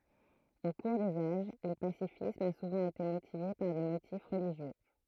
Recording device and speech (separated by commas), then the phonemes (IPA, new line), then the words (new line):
throat microphone, read sentence
o kuʁ dez aʒ lə pasifism a suvɑ̃ ete motive paʁ de motif ʁəliʒjø
Au cours des âges, le pacifisme a souvent été motivé par des motifs religieux.